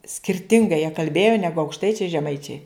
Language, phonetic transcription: Lithuanian, skirˈtingai jie kalˈbėjo ˈnegu aukšˈtaičiai žeˈmaičiai

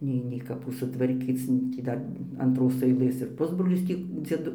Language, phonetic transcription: Lithuanian, ˈnei nei kaˈpų sutvarˈkyc nu tį ˈdar antˈros aiˈlɘs ir ˈpusbrolis ˈtį dzieˈdu

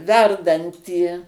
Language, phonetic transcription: Lithuanian, ˈverdantį

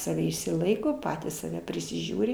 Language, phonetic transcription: Lithuanian, saˈve išsiˈlaiko ˈpatys saˈve prisiˈžiūri

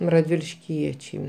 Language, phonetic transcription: Lithuanian, radvilišˈkiečiai

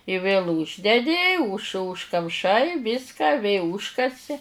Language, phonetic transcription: Lithuanian, i vėl ˈūždedi už užkamˈšai ˈvyska vė ˈūžkasi

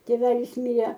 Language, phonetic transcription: Lithuanian, tėˈvelis ˈmire

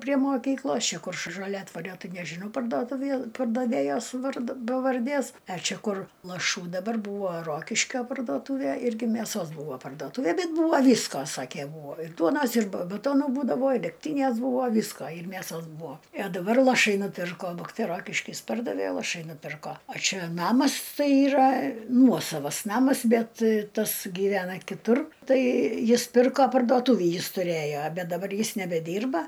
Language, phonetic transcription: Lithuanian, prie moˈkyklos ˈčia ˈkur š žaˈliadvario ˈtai nežiˈnau parduoˈtuvie pardaˈvėjos ˈvard pavarˈdės a ˈči ˈkur laˈšų daˈbar ˈbūvo ˈrokiškio parduoˈtūvė ˈirgi mėˈsos ˈbūvo pardoˈtūvė ˈbet ˈbūva ˈvysko ˈsakė ˈbūvo ir ˈduonos ir ba baˈtono ˈbūdavo ir degˈtynės ˈbūvo ˈvysko ir mėˈsos ˈbūo i a daˈbar laˈšai nuˈpirko ˈbuktai ˈrokiškys ˈpardavė laˈšai nuˈpirko a ˈčia ˈnamas ˈtai yˈra ˈnuosavas ˈnamas ˈbet ˈtas gyˈvena kiˈtur ˈtai ˈjis ˈpirko parduoˈtūvį ˈjis tuˈrėjo ˈbet dabar ˈjis nebeˈdyrba

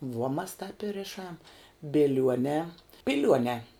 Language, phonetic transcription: Lithuanian, vuo mas tāp i ˈrišam biˈliuonē ˈpiliuonē

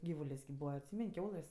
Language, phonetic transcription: Lithuanian, ˈgyvulės' kip ˈbūva atˈsymen' ˈkiaulɘs'

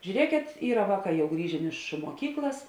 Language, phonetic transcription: Lithuanian, žiūˈriekėt ˈyra ˈvāˌkā jau ˈgrįžėn ˈiš muoˈkyklas

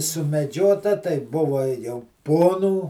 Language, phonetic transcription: Lithuanian, sumeˈdžiota tai ˈbuva jau ˈponų

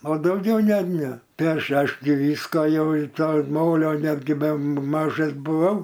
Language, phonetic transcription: Lithuanian, o dauˈgiau ˈne ˈne ˈtai ˈaš ˈaš gi ˈvysko ˈjau į ˈtą ˈmolio ˈnetgi be ma ˈmažas buˈvau

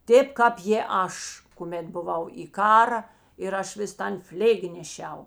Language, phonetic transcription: Lithuanian, ˈtėp ˈkāp jė ˈaš kuˈmėt buˈvau į ˈkara ir ˈaš vis ˈtan ˈflėgi neˈšiau

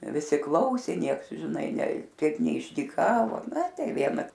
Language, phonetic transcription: Lithuanian, viˈsi ˈklausė ˈnieks žiˈnai ne ˈtiek neišdyˈkavo naˈ ˈtai ˈviena

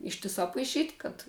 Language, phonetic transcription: Lithuanian, ˈištisā paiˈšyt' kad

